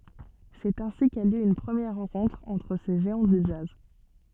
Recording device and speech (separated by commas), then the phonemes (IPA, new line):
soft in-ear microphone, read sentence
sɛt ɛ̃si ka ljø yn pʁəmjɛʁ ʁɑ̃kɔ̃tʁ ɑ̃tʁ se ʒeɑ̃ dy dʒaz